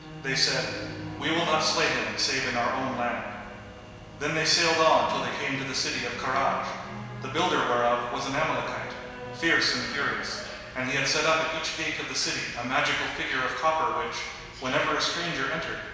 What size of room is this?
A big, very reverberant room.